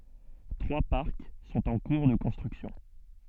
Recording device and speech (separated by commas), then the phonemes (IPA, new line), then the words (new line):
soft in-ear microphone, read sentence
tʁwa paʁk sɔ̃t ɑ̃ kuʁ də kɔ̃stʁyksjɔ̃
Trois parcs sont en cours de construction.